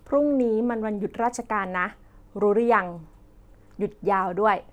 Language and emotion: Thai, neutral